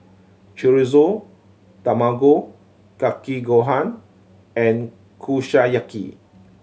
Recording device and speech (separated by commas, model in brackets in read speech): mobile phone (Samsung C7100), read sentence